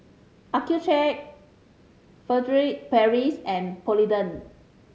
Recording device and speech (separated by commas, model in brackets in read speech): mobile phone (Samsung C5010), read sentence